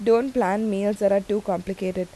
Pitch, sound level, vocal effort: 200 Hz, 84 dB SPL, normal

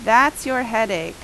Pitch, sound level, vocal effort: 240 Hz, 89 dB SPL, very loud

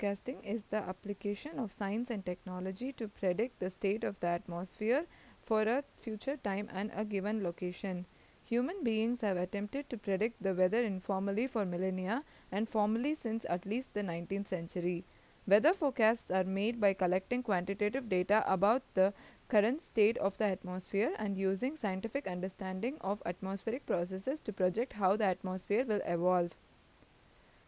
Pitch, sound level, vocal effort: 205 Hz, 84 dB SPL, normal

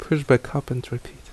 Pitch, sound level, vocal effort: 125 Hz, 73 dB SPL, soft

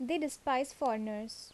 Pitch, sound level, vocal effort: 260 Hz, 79 dB SPL, normal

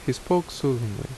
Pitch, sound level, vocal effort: 135 Hz, 74 dB SPL, normal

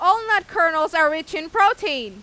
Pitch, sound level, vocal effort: 345 Hz, 102 dB SPL, very loud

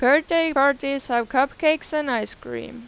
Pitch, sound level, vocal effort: 275 Hz, 92 dB SPL, loud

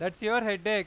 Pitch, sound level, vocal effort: 210 Hz, 100 dB SPL, loud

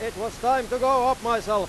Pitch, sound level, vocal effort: 235 Hz, 107 dB SPL, very loud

